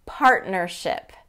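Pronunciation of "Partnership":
In 'partnership', the t is dropped.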